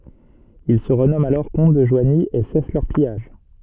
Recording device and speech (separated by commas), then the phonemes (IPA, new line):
soft in-ear microphone, read sentence
il sə ʁənɔmɑ̃t alɔʁ kɔ̃t də ʒwaɲi e sɛs lœʁ pijaʒ